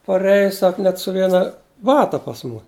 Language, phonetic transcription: Lithuanian, paˈreja ˈsak net su ˈviena ˈbata pas ˈmu

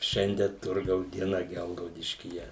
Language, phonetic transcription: Lithuanian, ˈšiandie ˈturgaus dieˈna ˈgelgaudiškyje

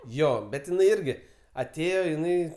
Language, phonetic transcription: Lithuanian, ˈjo bet iˈnai ˈirgi aˈtėjo iˈnai

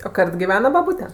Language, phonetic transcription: Lithuanian, o ˈkart giˈvena baˈbūte

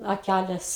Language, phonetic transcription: Lithuanian, aˈkælės

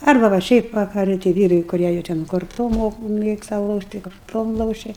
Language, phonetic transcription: Lithuanian, ˈarba va ˈšiaip vakaˈrɨ tai ˈvyrai kuˈrie jau ten korˈtom ˈmok ˈmėgsta ˈlošt' tai korˈtom ˈlošia

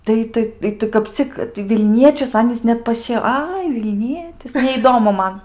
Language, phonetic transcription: Lithuanian, ˈtai ˈtai i ˈtai kap ˈcik tai vilˈniečius ˈanys ˈnet paˈšie ˈai vilˈnietis neįˈdomu ˈman

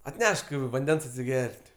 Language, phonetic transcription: Lithuanian, atˈnešk vanˈdens atsiˈger't'

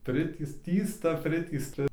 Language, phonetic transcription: Lithuanian, ˈpritįst ˈtįsta ˈpritįsta

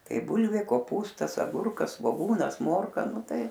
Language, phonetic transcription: Lithuanian, ˈtai ˈbūlvė koˈpūstas aˈgurkas svoˈgūnas ˈmorka ˈnu ˈtai

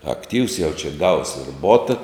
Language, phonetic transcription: Lithuanian, akˈtyvs jau čia gaus ir ˈbota

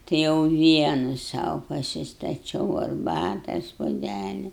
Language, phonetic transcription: Lithuanian, tai jau ˈvienu ˈsau pasistaˈčiau arˈbatas puoˈdæli

